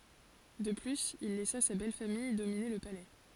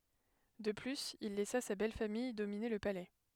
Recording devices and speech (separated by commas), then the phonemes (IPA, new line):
forehead accelerometer, headset microphone, read sentence
də plyz il lɛsa sa bɛlfamij domine lə palɛ